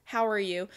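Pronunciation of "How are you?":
'How are you?' is said with a flat intonation, and the voice signals disinterest, as if the speaker is not interested in hearing how the other person is doing.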